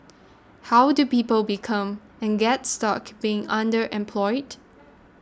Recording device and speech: standing microphone (AKG C214), read sentence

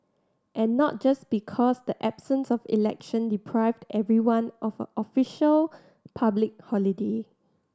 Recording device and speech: standing microphone (AKG C214), read sentence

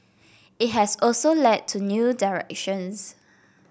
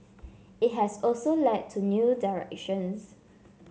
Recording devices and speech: boundary microphone (BM630), mobile phone (Samsung C7), read sentence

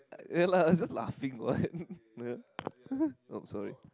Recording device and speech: close-talking microphone, conversation in the same room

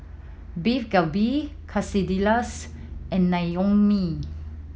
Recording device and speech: mobile phone (iPhone 7), read sentence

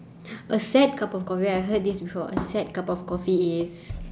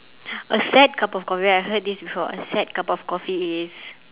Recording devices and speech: standing microphone, telephone, conversation in separate rooms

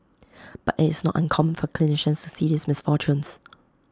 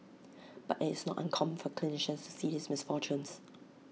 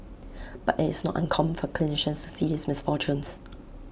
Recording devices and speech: close-talking microphone (WH20), mobile phone (iPhone 6), boundary microphone (BM630), read sentence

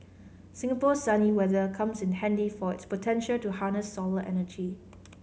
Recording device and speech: mobile phone (Samsung C5010), read sentence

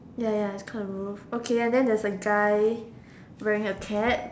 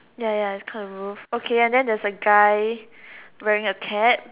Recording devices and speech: standing microphone, telephone, conversation in separate rooms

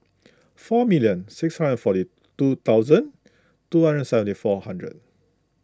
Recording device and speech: close-talking microphone (WH20), read sentence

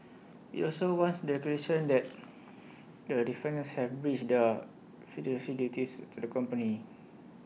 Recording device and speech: mobile phone (iPhone 6), read sentence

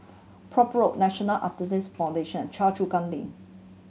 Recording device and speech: mobile phone (Samsung C7100), read sentence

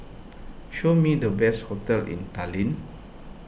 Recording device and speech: boundary microphone (BM630), read sentence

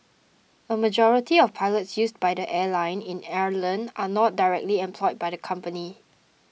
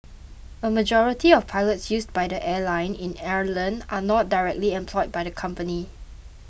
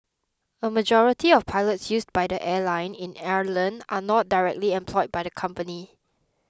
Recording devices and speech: mobile phone (iPhone 6), boundary microphone (BM630), close-talking microphone (WH20), read sentence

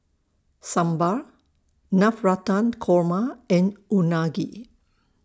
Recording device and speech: standing microphone (AKG C214), read sentence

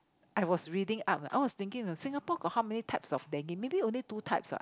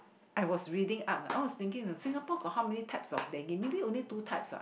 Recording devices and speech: close-talking microphone, boundary microphone, conversation in the same room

